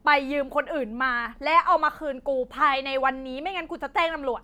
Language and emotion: Thai, angry